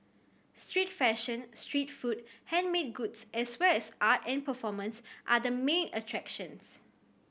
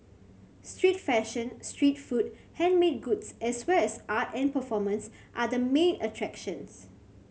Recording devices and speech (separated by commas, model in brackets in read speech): boundary microphone (BM630), mobile phone (Samsung C7100), read sentence